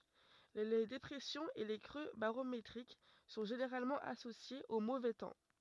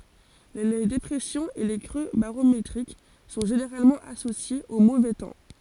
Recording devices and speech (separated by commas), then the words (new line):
rigid in-ear microphone, forehead accelerometer, read sentence
Les dépressions et les creux barométriques sont généralement associés au mauvais temps.